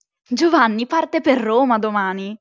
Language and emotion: Italian, surprised